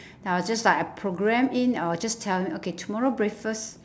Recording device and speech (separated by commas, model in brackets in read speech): standing microphone, conversation in separate rooms